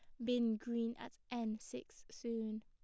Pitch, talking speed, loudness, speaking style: 230 Hz, 155 wpm, -42 LUFS, plain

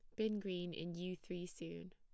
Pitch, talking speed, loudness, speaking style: 175 Hz, 210 wpm, -45 LUFS, plain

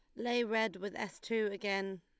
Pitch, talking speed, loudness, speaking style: 210 Hz, 200 wpm, -36 LUFS, Lombard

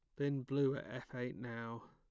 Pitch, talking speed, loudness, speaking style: 130 Hz, 210 wpm, -41 LUFS, plain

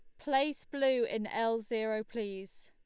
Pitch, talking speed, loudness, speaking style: 225 Hz, 145 wpm, -33 LUFS, Lombard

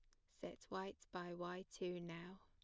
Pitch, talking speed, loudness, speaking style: 180 Hz, 165 wpm, -50 LUFS, plain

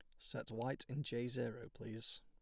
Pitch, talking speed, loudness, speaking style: 120 Hz, 180 wpm, -44 LUFS, plain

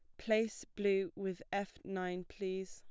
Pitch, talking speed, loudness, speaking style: 195 Hz, 145 wpm, -38 LUFS, plain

